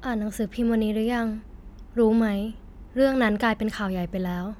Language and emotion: Thai, neutral